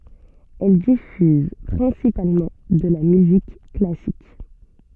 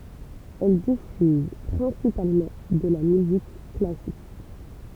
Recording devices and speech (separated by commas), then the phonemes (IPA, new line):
soft in-ear microphone, temple vibration pickup, read sentence
ɛl difyz pʁɛ̃sipalmɑ̃ də la myzik klasik